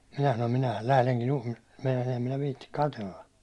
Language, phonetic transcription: Finnish, minä sanom » minähäl 'lähleŋkin juhli- « , meinasin̬ ‿em minä viitti "katella .
- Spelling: minä sanoin minähän lähdenkin - meinasin en minä viitsi katsella

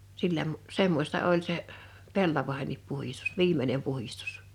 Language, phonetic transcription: Finnish, 'sillä mu- , 'semmośta oĺ 'se , "pellavaᵉhennip 'puhistᴜs "viim̀enem 'puhistᴜs .
- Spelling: sillä - semmoista oli se pellavienkin puhdistus viimeinen puhdistus

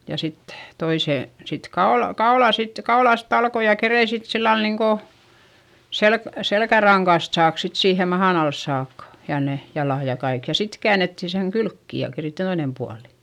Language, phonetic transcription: Finnish, ja sit , toisè , sit kaol , kaolà sit , kaolàst ‿alkoj ja kerein sit sillal niŋko , selk- , selkäraŋkast saak sit siihe mahan ‿als saakka , ja ne , jalàj ja kaik , ja sit käänettin seŋ kylkki ja keri toinem pualI .
- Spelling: ja sitten toisen sitten kaula kaulaa sitten kaulasta aloin ja keritsin sitten sillä lailla niin kuin - selkärangasta saakka sitten siihen mahan alle saakka ja ne jalat ja kaikki ja sitten käännettiin sen kylki ja keritsi toinen puoli

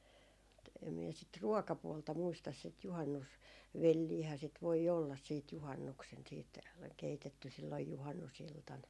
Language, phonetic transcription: Finnish, (e)t , em mie sit "ruɔkapuolta 'muistas sit 'juhannus- , "velliihää sit voi olla siit 'juhannuksen siit , 'keitetty silloj 'juhannus₍iltan .
- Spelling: et en minä sitä ruokapuolta muista sitä - juhannusvelliähän sitä voi olla sitten juhannuksena sitten keitetty silloin juhannusiltana

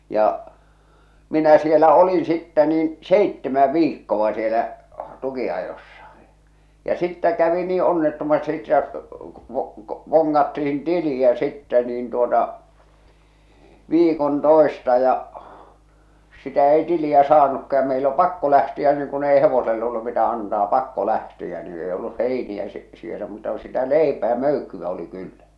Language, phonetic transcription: Finnish, ja , 'minä sielä "olin sittɛ niin , "seittemä "viikkoᵛa sielä , 'tuki₍ajossa , ja 'sittä kävi 'nii 'onnettomasti että , ᵛᵒ- ᵏᵒ- 'voŋŋattihin 'tili₍ä 'sittɛ niin tuota , "viikon "tòesta ja , sitä 'ei 'tili₍ä 'saanukka ja meil o "pakko 'lähtiä niiŋ kun ei "hevosel ‿ollu mitä 'antaa "pakko lähti₍ä nii 'ei 'olluh "heini₍ä si- sielä muuta ku sitä "leipää "möykkyᵛä oli 'kyllä .
- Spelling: ja minä siellä olin sitten niin seitsemän viikkoa siellä tukinajossa ja sitten kävi niin onnettomasti että - - vongattiin tiliä sitten niin tuota viikon toista ja sitä ei tiliä saanutkaan ja meillä on pakko lähteä niin kun ei hevoselle ollut mitä antaa pakko lähteä niin ei ollut heiniä - siellä muuta kuin sitä leipää möykkyä oli kyllä

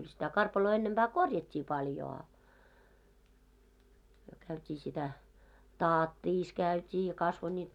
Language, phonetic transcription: Finnish, kyl sitä 'karpaloo 'ennemʙää "korjat́t́ii paljo a , myö käyt́ii sitä , "taattiis 'käyt́ii ja 'kasvo ńiit .
- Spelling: kyllä sitä karpaloa ennempää korjattiin paljon a me käytiin sitä tatissa käytiin ja kasvoi niitä

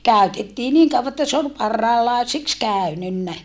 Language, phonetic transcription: Finnish, kä̀ytettii niiŋ kauva että se ol parrailàesiks kä̀ynynnä .
- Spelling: käytettiin niin kauan että se oli parhaanlaiseksi käynyt

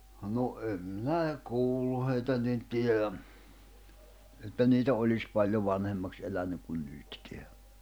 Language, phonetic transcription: Finnish, no 'em minä e- , "kuullu heitä nin "tieʲä , että 'niitä oĺis 'paĺjo 'vanhemmaks 'elänyk kun 'nytkeä .
- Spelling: no en minä - kuullut heitä niin tiedä että niitä olisi paljon vanhemmaksi elänyt kuin nytkään

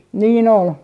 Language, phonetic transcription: Finnish, nii"n ‿ol .
- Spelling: niin oli

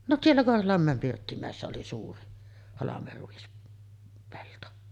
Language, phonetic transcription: Finnish, no 'siellä 'Korholammä̀em "Pirttimä̀essä oli suuri halame̳r̳§uis- , -pelto .
- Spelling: no siellä Korholanmäen Pirttimäessä oli suuri - halmeruispelto

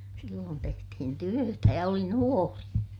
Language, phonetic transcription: Finnish, silloon tehtihin työtä ja oli nuori .
- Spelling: silloin tehtiin työtä ja oli nuori

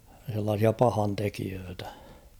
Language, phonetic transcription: Finnish, s̬ellaasia 'pahantekiöötᴀ̈ .
- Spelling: sellaisia pahantekijöitä

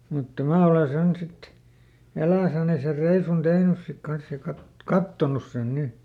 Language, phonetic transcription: Finnish, mutta "mää ole ˈsen sit , ˈeläisäni ser ˈreisun ˈtehnys sik ˈkans ja kat- , "kattonus sen ˈni .
- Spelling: mutta minä olen sen sitten eläissäni sen reissun tehnyt sitten kanssa ja - katsonut sen niin

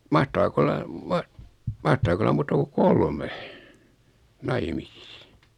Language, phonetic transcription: Finnish, 'mahtaak ‿olla , 'mah- , 'mahtaak ‿olla 'muuta ku "kolme , "naimisis .
- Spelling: mahtaako olla - mahtaako olla muuta kuin kolme naimisissa

